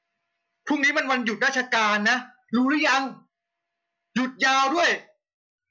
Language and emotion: Thai, angry